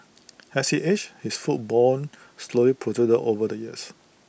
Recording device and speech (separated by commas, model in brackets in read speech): boundary microphone (BM630), read sentence